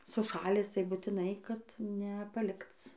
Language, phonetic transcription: Lithuanian, suˈšalęs tai butiˈnai kad ne paˈlikc

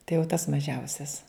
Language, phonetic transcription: Lithuanian, tai jau tas maˈžiausias

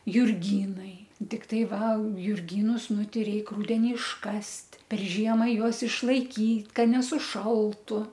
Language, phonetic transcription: Lithuanian, jurˈgynai tikˈtai ˈva jurˈgynus ˈnu ˈtei ˈreik ˈrudeni išˈkast' per ˈžiemą ˈjuos išlaikyt ˈka nesuˈšaltu

